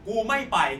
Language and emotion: Thai, angry